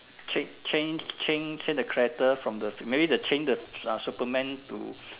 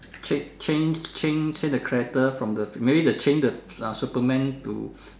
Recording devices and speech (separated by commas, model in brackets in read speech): telephone, standing microphone, conversation in separate rooms